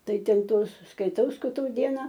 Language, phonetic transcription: Lithuanian, ˈtai ˈten ˈtos skaiˈtau skaiˈtau ˈdiena

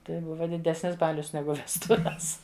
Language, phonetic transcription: Lithuanian, ˈtai ˈbuva diˈdesnis ˈbalius ˈnegu vesˈtuves

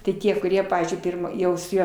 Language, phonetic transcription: Lithuanian, ti ˈtie kuˈrie ˈpavyzdžiui ˈpirmą ˈjau su ˈjuo

